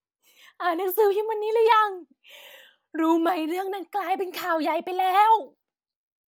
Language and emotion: Thai, happy